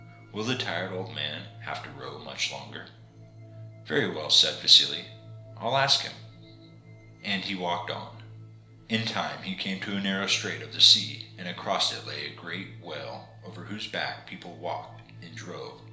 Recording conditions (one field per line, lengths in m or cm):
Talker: one person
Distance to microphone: 1.0 m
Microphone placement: close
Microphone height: 1.1 m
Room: small (3.7 m by 2.7 m)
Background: music